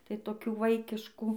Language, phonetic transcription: Lithuanian, tai toˈkių ˈvaikiškų

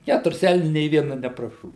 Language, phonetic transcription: Lithuanian, ˈkæturis ˈelniu nė viena nepraˈšovi

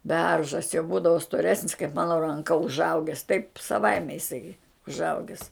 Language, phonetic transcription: Lithuanian, ˈberžas jau ˈbūdavo stoˈresnis kaip ˈmano ranˈka užˈauges taip saˈvaime iˈsai užˈaugis

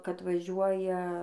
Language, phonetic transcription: Lithuanian, kad ˈvažiuoja

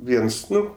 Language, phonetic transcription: Lithuanian, ˈviens ˈnu

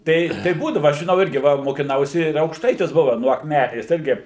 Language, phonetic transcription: Lithuanian, ˈtai tai ˈbūdava aš žiˈnau ˈirgi ˈva mokiˈnausi ir aukšˈtaitis ˈbuva nuo akˈmenės ˈirgi

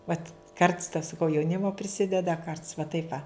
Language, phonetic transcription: Lithuanian, ˈvat karts ta saˈkau jauˈnimo priˈsideda ˈkarts va ˈtaip va

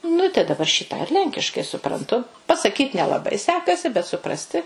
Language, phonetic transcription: Lithuanian, ˈnu i tai daˈbar šį tą ir ˈlenkiškai supranˈtu pasaˈkyt nelaˈbai ˈsekasi bet suˈprasti

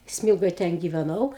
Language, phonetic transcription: Lithuanian, ˈsmylgoj ˈten giveˈnau

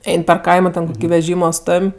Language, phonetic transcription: Lithuanian, ˈein per ˈkaimo ten veˈžymo ˈstom'

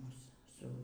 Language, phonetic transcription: Lithuanian, ˈmus ˈsu

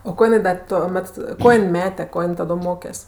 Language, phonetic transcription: Lithuanian, o ˈko jiˈnai da toˈmet ˈko jin ˈmete ˈko jin ˈtado ˈmokes'

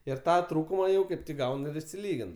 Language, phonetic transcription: Lithuanian, ir ˈtą ˈtrūkuma jau ˈkaip ˈgaun ir išsiˈlygin

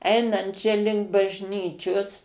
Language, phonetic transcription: Lithuanian, ˈeinant čia ˈlink bažˈnyčios

